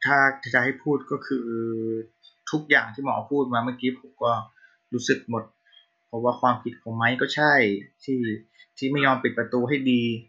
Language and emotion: Thai, sad